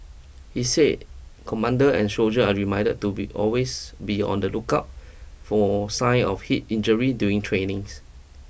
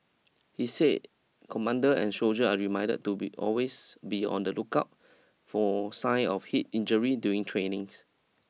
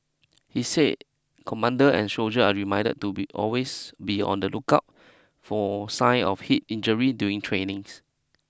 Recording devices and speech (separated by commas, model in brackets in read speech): boundary microphone (BM630), mobile phone (iPhone 6), close-talking microphone (WH20), read sentence